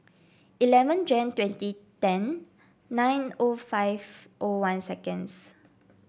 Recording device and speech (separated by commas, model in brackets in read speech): boundary microphone (BM630), read sentence